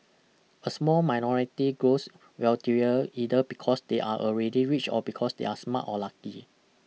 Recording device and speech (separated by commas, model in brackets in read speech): mobile phone (iPhone 6), read sentence